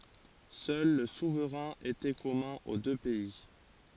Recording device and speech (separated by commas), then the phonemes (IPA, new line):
forehead accelerometer, read sentence
sœl lə suvʁɛ̃ etɛ kɔmœ̃ o dø pɛi